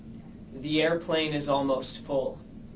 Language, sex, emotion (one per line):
English
male
neutral